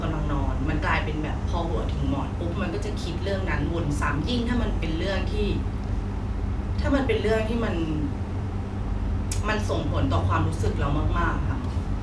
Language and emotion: Thai, frustrated